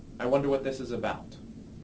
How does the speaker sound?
neutral